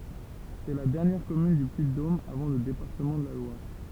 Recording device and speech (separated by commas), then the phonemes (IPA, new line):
temple vibration pickup, read sentence
sɛ la dɛʁnjɛʁ kɔmyn dy pyiddom avɑ̃ lə depaʁtəmɑ̃ də la lwaʁ